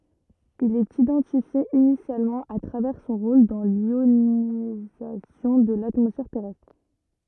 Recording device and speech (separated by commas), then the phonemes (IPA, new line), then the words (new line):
rigid in-ear microphone, read sentence
il ɛt idɑ̃tifje inisjalmɑ̃ a tʁavɛʁ sɔ̃ ʁol dɑ̃ ljonizasjɔ̃ də latmɔsfɛʁ tɛʁɛstʁ
Il est identifié initialement à travers son rôle dans l'ionisation de l'atmosphère terrestre.